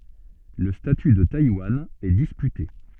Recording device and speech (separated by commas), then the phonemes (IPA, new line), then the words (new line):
soft in-ear microphone, read sentence
lə staty də tajwan ɛ dispyte
Le statut de Taïwan est disputé.